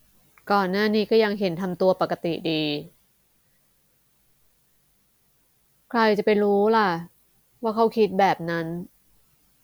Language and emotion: Thai, frustrated